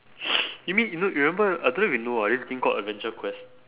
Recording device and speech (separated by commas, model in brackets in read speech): telephone, conversation in separate rooms